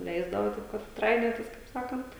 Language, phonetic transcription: Lithuanian, ˈleisdavo ˈtaip kad ˈtrainiotis kaip ˈsakant

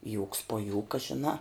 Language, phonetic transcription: Lithuanian, jūks po ˈjūka žiˈnā

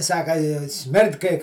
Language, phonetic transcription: Lithuanian, ˈsaka i ˈsmird kai

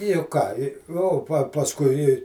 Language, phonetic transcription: Lithuanian, juk ˈką i o pa pasˈkui i

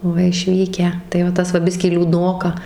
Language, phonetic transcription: Lithuanian, ˈva išˈvykę tai va ˈtas va ˈbiskį liūˈdnoka

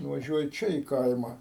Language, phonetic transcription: Lithuanian, nuvaˈžiuoji ˈčia į ˈkaima

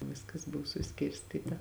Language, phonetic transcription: Lithuanian, ˈviskas ˈbuvo suˈskirstyta

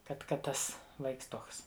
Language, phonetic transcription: Lithuanian, ˈkad ˈkad ˈtas ˈvaiks ˈtuoks

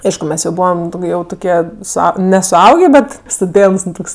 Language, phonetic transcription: Lithuanian, ˈaišku ˈmes jau ˈbūvam ˈjau tuˈkie suˈau nesuˈaugė ˈbet stuˈdėnts ˈnu ˈtoks

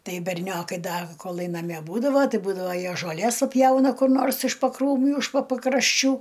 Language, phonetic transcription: Lithuanian, ˈtai berˈniokai ˈda koˈlai naˈmie ˈbūdavo ˈtai ˈbūdavo ˈjie žoˈlės paˈpjauna kur ˈnors iš pakrūˈmių iš po pakrašˈčių

